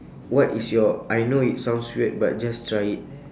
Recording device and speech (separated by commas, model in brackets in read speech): standing microphone, conversation in separate rooms